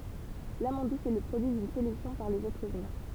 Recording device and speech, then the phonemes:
temple vibration pickup, read sentence
lamɑ̃d dus ɛ lə pʁodyi dyn selɛksjɔ̃ paʁ lez ɛtʁz ymɛ̃

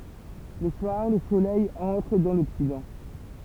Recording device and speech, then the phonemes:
temple vibration pickup, read sentence
lə swaʁ lə solɛj ɑ̃tʁ dɑ̃ lɔksidɑ̃

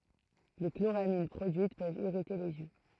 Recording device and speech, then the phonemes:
throat microphone, read sentence
le kloʁamin pʁodyit pøvt iʁite lez jø

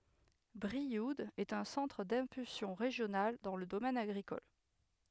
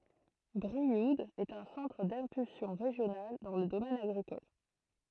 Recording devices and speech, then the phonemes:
headset microphone, throat microphone, read sentence
bʁiud ɛt œ̃ sɑ̃tʁ dɛ̃pylsjɔ̃ ʁeʒjonal dɑ̃ lə domɛn aɡʁikɔl

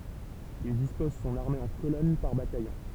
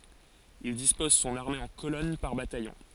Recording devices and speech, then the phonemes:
temple vibration pickup, forehead accelerometer, read sentence
il dispɔz sɔ̃n aʁme ɑ̃ kolɔn paʁ batajɔ̃

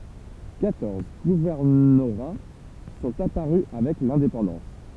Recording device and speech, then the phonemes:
temple vibration pickup, read sentence
kwatɔʁz ɡuvɛʁnoʁa sɔ̃t apaʁy avɛk lɛ̃depɑ̃dɑ̃s

